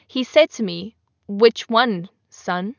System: none